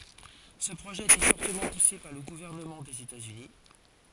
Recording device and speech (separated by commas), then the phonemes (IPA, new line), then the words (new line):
forehead accelerometer, read sentence
sə pʁoʒɛ a ete fɔʁtəmɑ̃ puse paʁ lə ɡuvɛʁnəmɑ̃ dez etatsyni
Ce projet a été fortement poussé par le gouvernement des États-Unis.